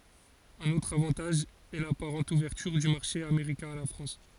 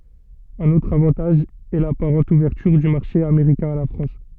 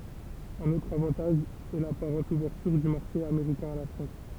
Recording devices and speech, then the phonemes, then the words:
forehead accelerometer, soft in-ear microphone, temple vibration pickup, read sentence
œ̃n otʁ avɑ̃taʒ ɛ lapaʁɑ̃t uvɛʁtyʁ dy maʁʃe ameʁikɛ̃ a la fʁɑ̃s
Un autre avantage est l'apparente ouverture du marché américain à la France.

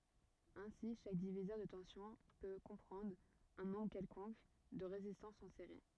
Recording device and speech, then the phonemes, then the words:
rigid in-ear microphone, read sentence
osi ʃak divizœʁ də tɑ̃sjɔ̃ pø kɔ̃pʁɑ̃dʁ œ̃ nɔ̃bʁ kɛlkɔ̃k də ʁezistɑ̃sz ɑ̃ seʁi
Aussi, chaque diviseur de tension peut comprendre un nombre quelconque de résistances en série.

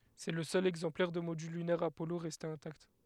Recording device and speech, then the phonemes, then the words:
headset microphone, read sentence
sɛ lə sœl ɛɡzɑ̃plɛʁ də modyl lynɛʁ apɔlo ʁɛste ɛ̃takt
C'est le seul exemplaire de module lunaire Apollo resté intact.

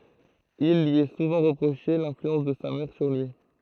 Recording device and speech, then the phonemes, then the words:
throat microphone, read sentence
il lyi ɛ suvɑ̃ ʁəpʁoʃe lɛ̃flyɑ̃s də sa mɛʁ syʁ lyi
Il lui est souvent reproché l'influence de sa mère sur lui.

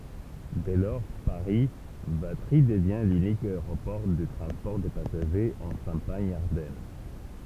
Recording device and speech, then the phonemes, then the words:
temple vibration pickup, read sentence
dɛ lɔʁ paʁi vatʁi dəvjɛ̃ lynik aeʁopɔʁ də tʁɑ̃spɔʁ də pasaʒez ɑ̃ ʃɑ̃paɲ aʁdɛn
Dès lors, Paris - Vatry devient l'unique aéroport de transport de passagers en Champagne-Ardenne.

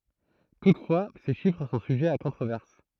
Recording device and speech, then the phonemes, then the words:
throat microphone, read sentence
tutfwa se ʃifʁ sɔ̃ syʒɛz a kɔ̃tʁovɛʁs
Toutefois, ces chiffres sont sujets à controverse.

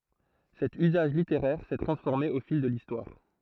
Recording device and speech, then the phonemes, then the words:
throat microphone, read sentence
sɛt yzaʒ liteʁɛʁ sɛ tʁɑ̃sfɔʁme o fil də listwaʁ
Cet usage littéraire s'est transformé au fil de l'Histoire.

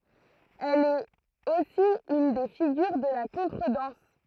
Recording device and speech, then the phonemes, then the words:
throat microphone, read sentence
ɛl ɛt osi yn de fiɡyʁ də la kɔ̃tʁədɑ̃s
Elle est aussi une des figures de la contredanse.

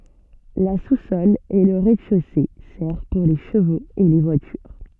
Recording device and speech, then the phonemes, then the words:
soft in-ear microphone, read sentence
la susɔl e lə ʁɛzdɛʃose sɛʁv puʁ le ʃəvoz e le vwatyʁ
La sous-sol et le rez-de-chaussée servent pour les chevaux et les voitures.

